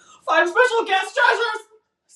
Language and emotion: English, fearful